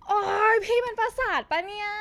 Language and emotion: Thai, frustrated